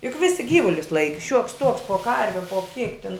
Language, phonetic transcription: Lithuanian, juk ˈvisi ˈgyvulius ˈlaiki šiuoks tuoks po ˈkarve po kiek tin

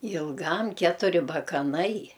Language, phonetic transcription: Lithuanian, ilˈgam ˈketuri bakaˈnai

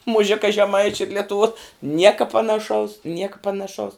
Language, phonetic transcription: Lithuanian, muˈžika žeˈmaičiu ir letuˈvuo ˈnieka panaˈšaus ˈnieka panaˈšaus

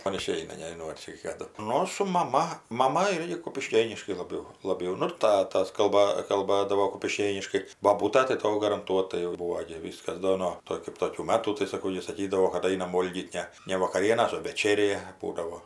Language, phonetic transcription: Lithuanian, ˈman iˈšeina nežiˈnau ar ˈčia kaˈdu ˈnu su maˈma maˈma ˈirgi kupiˈškėniškai laˈbiau laˈbiau ˈnu ir ˈtatas kalˈba kalˈbadavo kupiˈškėniškai boˈbūta tai ˈto garanˈtuotai jau ˈbūvo gi ˈvyskas ˈdo no ˈto kɜp ˈtokių ˈmatų tai saˈkau ˈji saˈkydavo kad ˈainam ˈvolgyt ˈne ne vakaˈrienas o veˈčerė ˈbūdavo

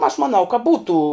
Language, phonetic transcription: Lithuanian, aš maˈnau ka ˈbūtų

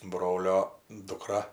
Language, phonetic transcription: Lithuanian, ˈbrolio duˈkra

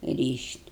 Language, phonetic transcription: Lithuanian, ˈryš't'

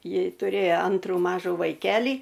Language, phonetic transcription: Lithuanian, ˈji tuˈrėjo ˈantrų ˈmažų vaiˈkelį

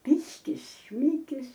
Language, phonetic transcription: Lithuanian, ˈpiškis ˈšmikis

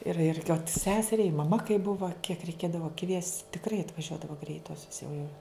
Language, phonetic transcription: Lithuanian, ir ir i ot ˈseseriai i maˈma kai ˈbuva kiek reiˈkėdava kviest' tikˈrai atvaˈžiuodavo ˈgreitosios jau jau

